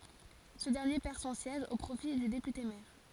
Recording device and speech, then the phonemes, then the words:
forehead accelerometer, read sentence
sə dɛʁnje pɛʁ sɔ̃ sjɛʒ o pʁofi dy depyte mɛʁ
Ce dernier perd son siège au profit du député maire.

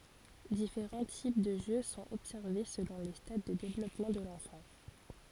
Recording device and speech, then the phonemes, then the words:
forehead accelerometer, read sentence
difeʁɑ̃ tip də ʒø sɔ̃t ɔbsɛʁve səlɔ̃ le stad də devlɔpmɑ̃ də lɑ̃fɑ̃
Différents types de jeu sont observés selon les stades de développement de l’enfant.

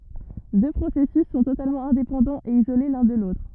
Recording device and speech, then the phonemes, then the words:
rigid in-ear microphone, read sentence
dø pʁosɛsys sɔ̃ totalmɑ̃ ɛ̃depɑ̃dɑ̃z e izole lœ̃ də lotʁ
Deux processus sont totalement indépendants et isolés l'un de l'autre.

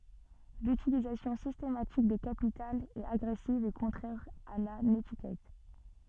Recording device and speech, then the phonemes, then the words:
soft in-ear microphone, read sentence
lytilizasjɔ̃ sistematik de kapitalz ɛt aɡʁɛsiv e kɔ̃tʁɛʁ a la netikɛt
L’utilisation systématique des capitales est agressive et contraire à la nétiquette.

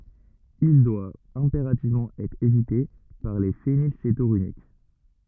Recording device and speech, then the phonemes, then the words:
rigid in-ear microphone, read sentence
il dwa ɛ̃peʁativmɑ̃ ɛtʁ evite paʁ le fenilsetonyʁik
Il doit impérativement être évité par les phénylcétonuriques.

